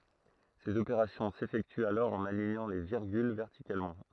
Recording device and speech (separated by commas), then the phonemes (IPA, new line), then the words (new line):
throat microphone, read sentence
sez opeʁasjɔ̃ sefɛktyt alɔʁ ɑ̃n aliɲɑ̃ le viʁɡyl vɛʁtikalmɑ̃
Ces opérations s’effectuent alors en alignant les virgules verticalement.